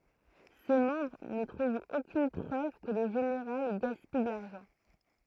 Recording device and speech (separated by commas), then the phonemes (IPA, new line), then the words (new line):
throat microphone, read sentence
se mɑ̃bʁ nə tʁuvt okyn pʁøv kə lə ʒeneʁal ɡaspij də laʁʒɑ̃
Ses membres ne trouvent aucune preuve que le général gaspille de l'argent.